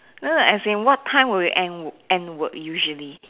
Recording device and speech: telephone, conversation in separate rooms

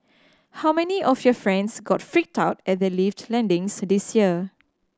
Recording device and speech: standing microphone (AKG C214), read sentence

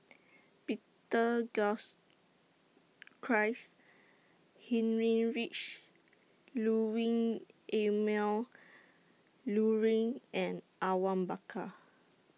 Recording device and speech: mobile phone (iPhone 6), read sentence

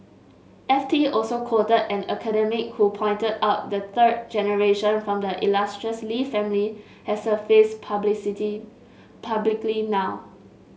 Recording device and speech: mobile phone (Samsung S8), read sentence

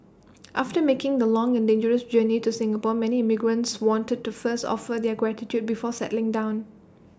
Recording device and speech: standing microphone (AKG C214), read sentence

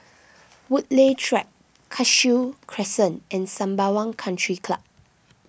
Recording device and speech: boundary microphone (BM630), read sentence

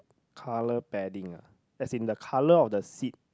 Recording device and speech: close-talking microphone, conversation in the same room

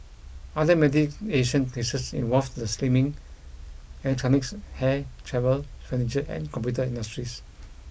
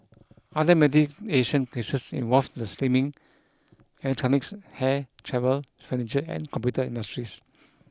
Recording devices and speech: boundary microphone (BM630), close-talking microphone (WH20), read sentence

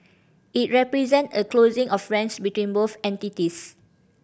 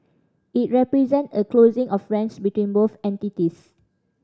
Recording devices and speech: boundary microphone (BM630), standing microphone (AKG C214), read sentence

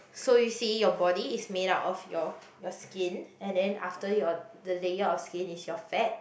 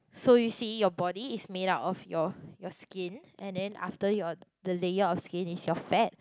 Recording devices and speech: boundary microphone, close-talking microphone, conversation in the same room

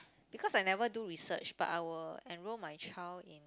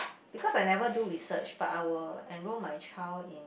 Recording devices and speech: close-talking microphone, boundary microphone, conversation in the same room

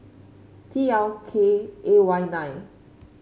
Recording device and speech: mobile phone (Samsung C5), read sentence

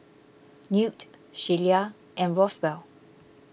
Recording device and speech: boundary microphone (BM630), read sentence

